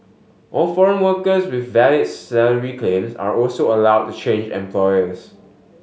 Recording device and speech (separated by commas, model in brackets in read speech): mobile phone (Samsung S8), read sentence